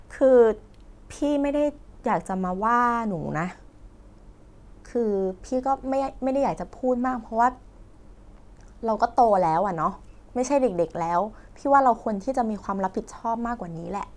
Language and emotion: Thai, frustrated